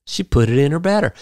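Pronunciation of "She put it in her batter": In 'put it in her batter', the word 'her' is said as 'er'.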